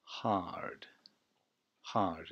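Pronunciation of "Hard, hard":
'Hard' is said twice, both times with an American (US) pronunciation.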